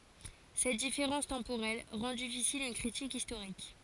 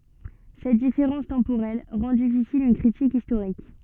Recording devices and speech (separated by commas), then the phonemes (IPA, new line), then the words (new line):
forehead accelerometer, soft in-ear microphone, read sentence
sɛt difeʁɑ̃s tɑ̃poʁɛl ʁɑ̃ difisil yn kʁitik istoʁik
Cette différence temporelle rend difficile une critique historique.